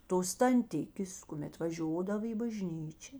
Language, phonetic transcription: Lithuanian, tos tanˈtikės kuˈmet vaˈžiodava į baˈžnyčia

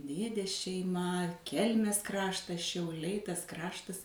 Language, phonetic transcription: Lithuanian, ˈdėdės šeiˈma ˈkelmės ˈkraštas šiauˈliai ˈtas ˈkraštas

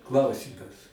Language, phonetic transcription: Lithuanian, ˈklausymas

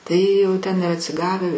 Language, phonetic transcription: Lithuanian, ˈtai jau ˈten ir atsiˈgave

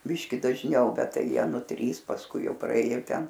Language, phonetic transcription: Lithuanian, ˈbiški dažˈniau ˈbet ˈtai ˈjie ˈnu ˈtrys pasˈkui ˈjau praˈėjo ˈten

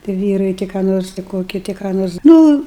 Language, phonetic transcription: Lithuanian, ti ˈvyrai ti ką ˈnors ti ˈkoki ti ką ˈnors ˈnu

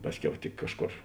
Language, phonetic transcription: Lithuanian, ˈpasˌkiau tik ˈkažˌkor

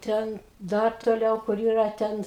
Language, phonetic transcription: Lithuanian, ˈten ˈdar toˈliau kur ˈyra ˈten

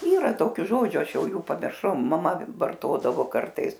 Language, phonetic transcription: Lithuanian, ˈyra ˈtokiu ˈžodžiu ˈaš ˈjau ˈjų pamirˈšau maˈma varˈtodavo ˈkartais

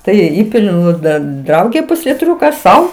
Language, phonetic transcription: Lithuanian, ˈtai ir ˈįpiliu ˈnu ˈdan ˈdraugė pusliˈtriuka ˈsau

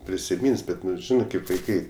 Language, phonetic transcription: Lithuanian, prisiˈmyns ˈbet ˈnu ˈžinɜ kaip vaiˈkai

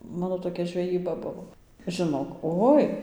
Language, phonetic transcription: Lithuanian, ˈmano toˈkia žveˈjyba ˈbuvo žiˈnok ˈoi

